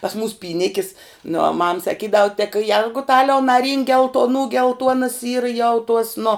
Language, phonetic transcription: Lithuanian, pas mūs pyˈnikis nu o mam saˈkydav tek ˈjergutaliau naˈrynk geltoˈnų gelˈtuonas ˈyra jau tuos nu

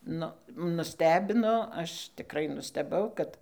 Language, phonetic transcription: Lithuanian, ˈnu nuˈstebino ˈaš tiˈkrai nusteˈbau kad

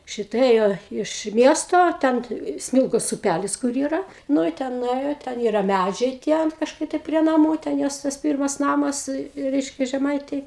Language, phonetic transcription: Lithuanian, ˈšita ˈėjo iš ˈmiesto ˈten ˈsmilgos uˈpælis kur ˈyra ˈnu i ˈten nuˈėjo ˈten ˈyra ˈmædžiai tie an kažˈkai tai prie naˈmų ten ˈjos tas ˈpyrmas ˈnamas ˈreiškia žeˈmaitėj

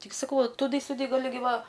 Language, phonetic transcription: Lithuanian, ˈtik saˈkau va tuˈdɨ siuˈdɨ gaˈli ˈgi ˈva

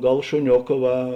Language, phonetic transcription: Lithuanian, ˈgal šuˈnioka ˈva

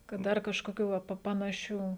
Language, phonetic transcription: Lithuanian, kad ˈdar kažkoˈkių va ˈpa panaˈšių

